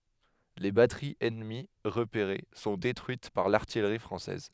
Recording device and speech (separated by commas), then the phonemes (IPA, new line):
headset microphone, read sentence
le batəʁiz ɛnəmi ʁəpeʁe sɔ̃ detʁyit paʁ laʁtijʁi fʁɑ̃sɛz